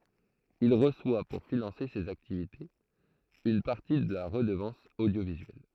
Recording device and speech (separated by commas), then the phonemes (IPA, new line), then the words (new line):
throat microphone, read sentence
il ʁəswa puʁ finɑ̃se sez aktivitez yn paʁti də la ʁədəvɑ̃s odjovizyɛl
Il reçoit pour financer ses activités une partie de la Redevance audiovisuelle.